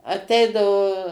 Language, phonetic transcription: Lithuanian, aˈteidavo

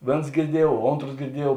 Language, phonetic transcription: Lithuanian, ˈvėns girˈdiejuov ˈontros girˈdiejuov

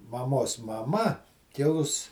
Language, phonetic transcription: Lithuanian, maˈmos maˈma kiˈlus

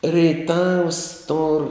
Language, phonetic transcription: Lithuanian, reiˈtavs tor

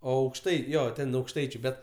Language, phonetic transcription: Lithuanian, o ˈaukštai ˈjo ˈten aukšˈtaičiu ˈbet

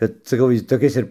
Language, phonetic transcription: Lithuanian, ˈkad saˈkau ˈjis toˈkis ir

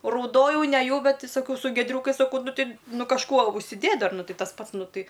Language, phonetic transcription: Lithuanian, rauˈdojau neˈjau ˈbet ti saˈkau su gieˈdriūkais saˈkau ˈnu ˈti ˈnu kažˈkuo užsiˈdėt' ˈdar ˈnu ˈtei tas ˈpats ˈnu ˈtai

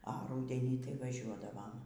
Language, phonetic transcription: Lithuanian, a ˈrūdenį tai vaˈžiuodavam

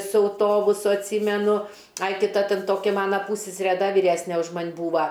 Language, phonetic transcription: Lithuanian, su auˈtobusu atˈsymenu ˈai ˈti ˈta ˈten ˈtoki ˈmana ˈpūssesere ˈda vyˈresne už ˈman' ˈbūva

